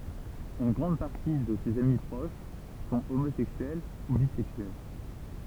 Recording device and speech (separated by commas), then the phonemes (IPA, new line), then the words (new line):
temple vibration pickup, read sentence
yn ɡʁɑ̃d paʁti də sez ami pʁoʃ sɔ̃ omozɛksyɛl u bizɛksyɛl
Une grande partie de ses amis proches sont homosexuels ou bisexuels.